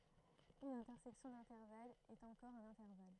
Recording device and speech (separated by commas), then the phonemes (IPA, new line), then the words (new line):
throat microphone, read sentence
yn ɛ̃tɛʁsɛksjɔ̃ dɛ̃tɛʁvalz ɛt ɑ̃kɔʁ œ̃n ɛ̃tɛʁval
Une intersection d'intervalles est encore un intervalle.